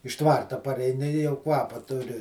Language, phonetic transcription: Lithuanian, iš ˈtvarta pareiˈni i jau ˈkvapa ˈturi

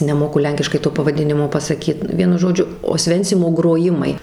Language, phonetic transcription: Lithuanian, neˈmoku ˈlenkiškai to pavaˈdinimo pasaˈkyt ˈvienu ˈžodžiu osˈvencimo groˈjimai

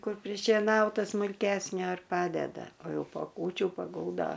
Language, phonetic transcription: Lithuanian, ˈkur prišėˈnauta smulˈkesnio ir ˈpadeda o ˈjau po ˈkūčių paˈguldo

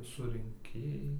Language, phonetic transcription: Lithuanian, surinˈkėjai

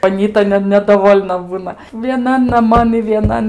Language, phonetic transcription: Lithuanian, aˈnyta ne nedaˈvol'na ˈbūna vieˈnan naˈman i vieˈnan

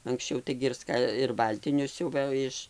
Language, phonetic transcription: Lithuanian, anksˈčiau ˈtaigi ir ˈska ir ˈbaltinius ˈsiuvɘ iš

